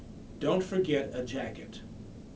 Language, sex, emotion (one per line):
English
male
neutral